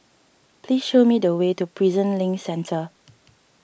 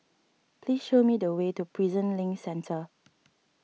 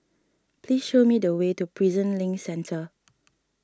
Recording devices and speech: boundary microphone (BM630), mobile phone (iPhone 6), standing microphone (AKG C214), read sentence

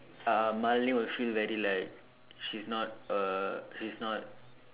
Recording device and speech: telephone, conversation in separate rooms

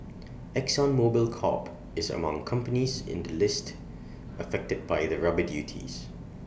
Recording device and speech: boundary microphone (BM630), read sentence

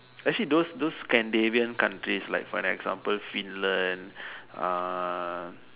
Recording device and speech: telephone, conversation in separate rooms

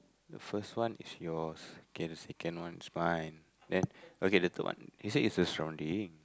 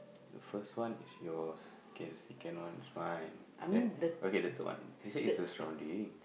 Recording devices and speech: close-talking microphone, boundary microphone, conversation in the same room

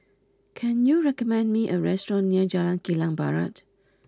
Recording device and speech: close-talking microphone (WH20), read sentence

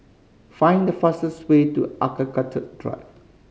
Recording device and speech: mobile phone (Samsung C5010), read sentence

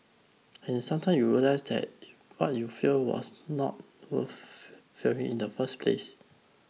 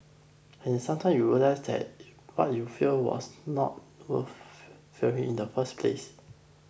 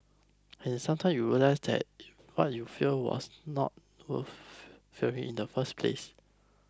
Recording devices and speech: mobile phone (iPhone 6), boundary microphone (BM630), close-talking microphone (WH20), read sentence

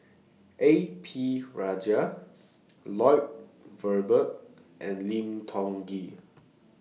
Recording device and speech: mobile phone (iPhone 6), read sentence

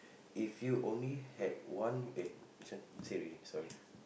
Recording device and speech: boundary microphone, conversation in the same room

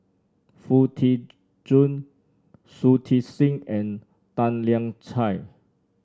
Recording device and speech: standing microphone (AKG C214), read sentence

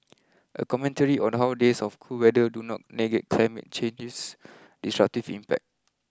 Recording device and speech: close-talking microphone (WH20), read sentence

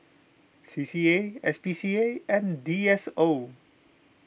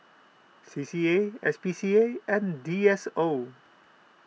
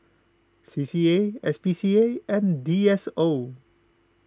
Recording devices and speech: boundary microphone (BM630), mobile phone (iPhone 6), close-talking microphone (WH20), read sentence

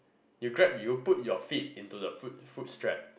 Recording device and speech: boundary microphone, conversation in the same room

